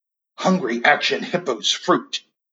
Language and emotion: English, fearful